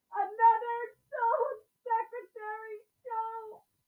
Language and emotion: English, fearful